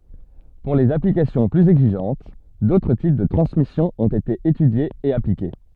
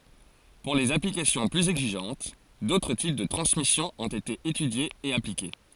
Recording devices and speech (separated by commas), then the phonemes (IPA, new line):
soft in-ear microphone, forehead accelerometer, read sentence
puʁ lez aplikasjɔ̃ plyz ɛɡziʒɑ̃t dotʁ tip də tʁɑ̃smisjɔ̃ ɔ̃t ete etydjez e aplike